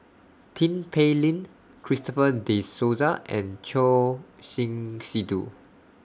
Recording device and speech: standing microphone (AKG C214), read sentence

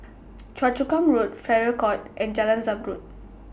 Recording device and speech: boundary microphone (BM630), read sentence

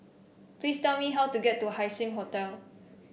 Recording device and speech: boundary microphone (BM630), read sentence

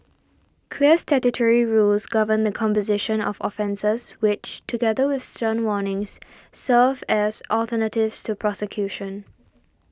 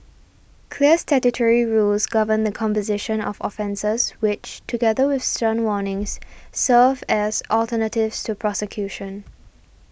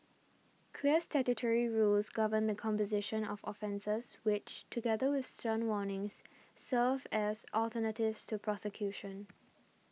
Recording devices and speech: standing microphone (AKG C214), boundary microphone (BM630), mobile phone (iPhone 6), read sentence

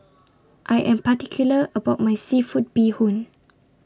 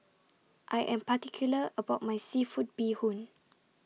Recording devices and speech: standing microphone (AKG C214), mobile phone (iPhone 6), read sentence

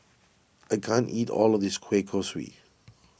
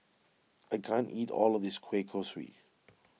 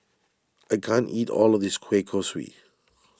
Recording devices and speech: boundary microphone (BM630), mobile phone (iPhone 6), standing microphone (AKG C214), read sentence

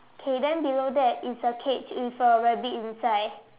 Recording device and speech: telephone, conversation in separate rooms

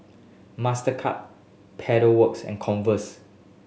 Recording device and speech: mobile phone (Samsung S8), read sentence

